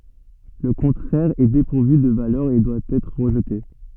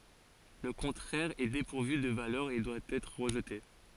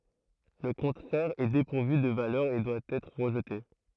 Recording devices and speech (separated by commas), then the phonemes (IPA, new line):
soft in-ear microphone, forehead accelerometer, throat microphone, read sentence
lə kɔ̃tʁɛʁ ɛ depuʁvy də valœʁ e dwa ɛtʁ ʁəʒte